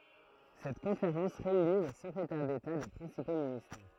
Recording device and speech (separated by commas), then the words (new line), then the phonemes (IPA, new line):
throat microphone, read sentence
Cette conférence réunit les secrétaires d'État des principaux ministères.
sɛt kɔ̃feʁɑ̃s ʁeyni le səkʁetɛʁ deta de pʁɛ̃sipo ministɛʁ